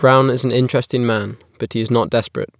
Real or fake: real